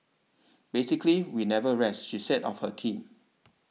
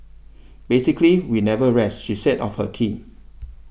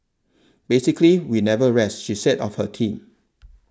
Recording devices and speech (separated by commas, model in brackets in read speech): mobile phone (iPhone 6), boundary microphone (BM630), standing microphone (AKG C214), read sentence